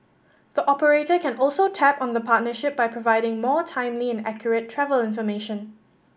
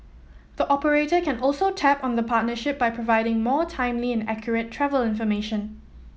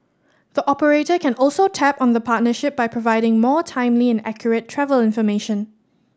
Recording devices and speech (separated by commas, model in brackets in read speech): boundary microphone (BM630), mobile phone (iPhone 7), standing microphone (AKG C214), read sentence